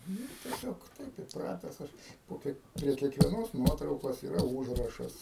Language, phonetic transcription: Lithuanian, ˈnu tieˈsiog ˈtaip įpˈrates ˈaš po ˈkiek prie kiekvieˈnos ˈnuotraukos yˈra ˈūžrašas

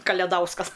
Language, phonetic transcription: Lithuanian, kaleˈdauskas

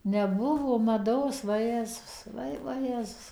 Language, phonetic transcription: Lithuanian, neˈbuvo maˈdos vaˈjezus ˈvai vaˈjezus

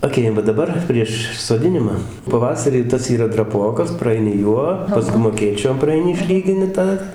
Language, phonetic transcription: Lithuanian, aˈkėjam va daˈbar prieš soˈdinima paˈvasarį ˈtas yˈra draˈpokas praˈaini ˈjuo paˈskum aˈkėčiom praaiˈni išˈlygini ˈtą

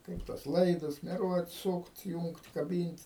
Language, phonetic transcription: Lithuanian, ˈkaip tuos ˈlaidus meˈruot ˈsūkt ˈjūngt kaˈbynt'

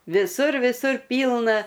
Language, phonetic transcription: Lithuanian, viˈsur viˈsur ˈpylna

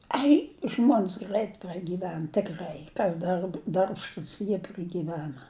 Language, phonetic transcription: Lithuanian, ˈai ˈžmon's ˈgrait pragyˈven tikˈrai ˈkas darb darbšˈtūs jie pragyˈvena

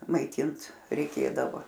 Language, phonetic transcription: Lithuanian, maiˈtint reiˈkėdavo

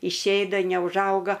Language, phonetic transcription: Lithuanian, išˈėda neužˈauga

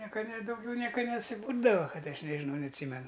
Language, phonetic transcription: Lithuanian, ˈnieka ne dauˈgiau ˈnieka nesiˈbūrdava ˈkad ˈaš nežiˈnau neatˈsymenu

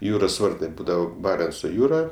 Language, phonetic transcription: Lithuanian, ˈjūros ˈvartai ˈbūdavo ˈbarenco ˈjūra

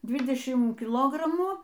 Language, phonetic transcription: Lithuanian, ˈdvidešim kiˈlogramų

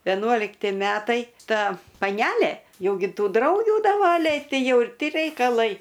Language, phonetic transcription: Lithuanian, veˈnuolikti ˈmetai ˈta paˈnælė ˈjau gi ˈtų ˈdraugių daˈvaliai ˈtai ˈjau ir ˈti reikaˈlai

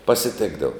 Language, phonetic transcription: Lithuanian, pasiˈtėkdavo

